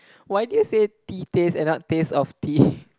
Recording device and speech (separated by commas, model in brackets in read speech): close-talking microphone, conversation in the same room